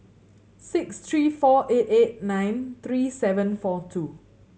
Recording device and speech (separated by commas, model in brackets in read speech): mobile phone (Samsung C7100), read sentence